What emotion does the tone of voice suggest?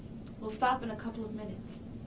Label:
neutral